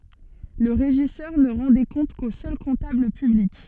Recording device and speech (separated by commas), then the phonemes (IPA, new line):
soft in-ear microphone, read sentence
lə ʁeʒisœʁ nə ʁɑ̃ de kɔ̃t ko sœl kɔ̃tabl pyblik